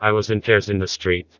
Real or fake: fake